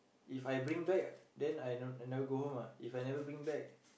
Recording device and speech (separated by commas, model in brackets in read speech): boundary microphone, conversation in the same room